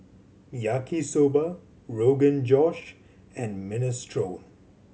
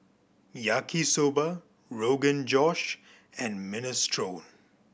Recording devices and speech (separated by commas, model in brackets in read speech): mobile phone (Samsung C7100), boundary microphone (BM630), read sentence